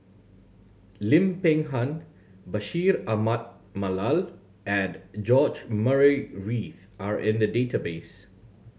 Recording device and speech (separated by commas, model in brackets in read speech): mobile phone (Samsung C7100), read sentence